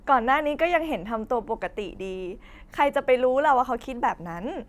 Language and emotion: Thai, happy